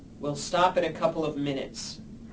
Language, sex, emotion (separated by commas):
English, male, angry